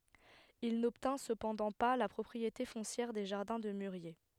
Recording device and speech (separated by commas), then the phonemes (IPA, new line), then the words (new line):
headset microphone, read sentence
il nɔbtɛ̃ səpɑ̃dɑ̃ pa la pʁɔpʁiete fɔ̃sjɛʁ de ʒaʁdɛ̃ də myʁje
Il n’obtint cependant pas la propriété foncière des jardins de mûriers.